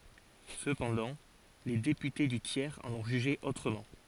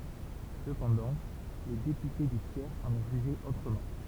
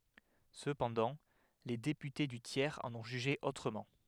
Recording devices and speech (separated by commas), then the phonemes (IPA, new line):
forehead accelerometer, temple vibration pickup, headset microphone, read sentence
səpɑ̃dɑ̃ le depyte dy tjɛʁz ɑ̃n ɔ̃ ʒyʒe otʁəmɑ̃